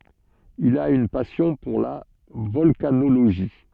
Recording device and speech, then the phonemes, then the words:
soft in-ear microphone, read sentence
il a yn pasjɔ̃ puʁ la vɔlkanoloʒi
Il a une passion pour la volcanologie.

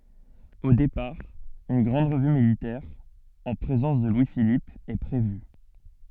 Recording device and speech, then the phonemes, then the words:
soft in-ear microphone, read sentence
o depaʁ yn ɡʁɑ̃d ʁəvy militɛʁ ɑ̃ pʁezɑ̃s də lwi filip ɛ pʁevy
Au départ, une grande revue militaire en présence de Louis-Philippe est prévue.

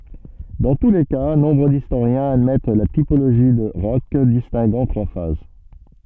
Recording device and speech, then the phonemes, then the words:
soft in-ear microphone, read sentence
dɑ̃ tu le ka nɔ̃bʁ distoʁjɛ̃z admɛt la tipoloʒi də ʁɔʃ distɛ̃ɡɑ̃ tʁwa faz
Dans tous les cas, nombre d'historiens admettent la typologie de Hroch distinguant trois phases.

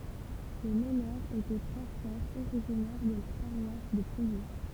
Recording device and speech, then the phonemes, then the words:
temple vibration pickup, read sentence
le mənœʁz etɛ tʁwa fʁɛʁz oʁiʒinɛʁ də la paʁwas də plwje
Les meneurs étaient trois frères originaires de la paroisse de Plouyé.

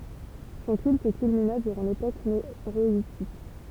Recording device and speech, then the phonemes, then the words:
temple vibration pickup, read sentence
sɔ̃ kylt kylmina dyʁɑ̃ lepok meʁɔitik
Son culte culmina durant l'époque méroïtique.

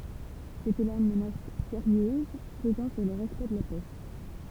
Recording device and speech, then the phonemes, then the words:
temple vibration pickup, read sentence
setɛ la yn mənas seʁjøz pəzɑ̃ syʁ lə ʁɛspɛkt də la pɛ
C'était là une menace sérieuse pesant sur le respect de la paix.

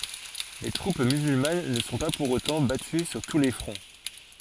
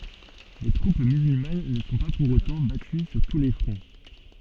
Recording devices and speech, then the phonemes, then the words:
forehead accelerometer, soft in-ear microphone, read sentence
le tʁup myzylman nə sɔ̃ pa puʁ otɑ̃ baty syʁ tu le fʁɔ̃
Les troupes musulmanes ne sont pas, pour autant, battues sur tous les fronts.

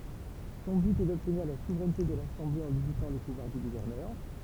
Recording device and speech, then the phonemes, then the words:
temple vibration pickup, read sentence
sɔ̃ byt ɛ dɔbtniʁ la suvʁɛnte də lasɑ̃ble ɑ̃ limitɑ̃ le puvwaʁ dy ɡuvɛʁnœʁ
Son but est d'obtenir la souveraineté de l'Assemblée en limitant les pouvoirs du gouverneur.

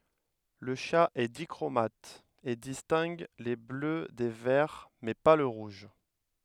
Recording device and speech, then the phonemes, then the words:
headset microphone, read sentence
lə ʃa ɛ dikʁomat e distɛ̃ɡ le blø de vɛʁ mɛ pa lə ʁuʒ
Le chat est dichromate, et distingue les bleus des verts, mais pas le rouge.

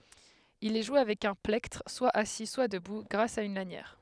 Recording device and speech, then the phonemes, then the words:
headset microphone, read sentence
il ɛ ʒwe avɛk œ̃ plɛktʁ swa asi swa dəbu ɡʁas a yn lanjɛʁ
Il est joué avec un plectre, soit assis, soit debout, grâce à une lanière.

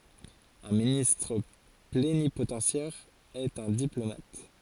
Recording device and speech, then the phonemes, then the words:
forehead accelerometer, read sentence
œ̃ ministʁ plenipotɑ̃sjɛʁ ɛt œ̃ diplomat
Un ministre plénipotentiaire est un diplomate.

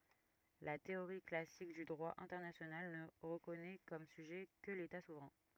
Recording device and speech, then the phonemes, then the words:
rigid in-ear microphone, read sentence
la teoʁi klasik dy dʁwa ɛ̃tɛʁnasjonal nə ʁəkɔnɛ kɔm syʒɛ kə leta suvʁɛ̃
La théorie classique du droit international ne reconnait comme sujet que l'État souverain.

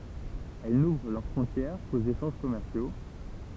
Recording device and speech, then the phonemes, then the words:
temple vibration pickup, read sentence
ɛl nuvʁ lœʁ fʁɔ̃tjɛʁ koz eʃɑ̃ʒ kɔmɛʁsjo
Elles n'ouvrent leurs frontières qu'aux échanges commerciaux.

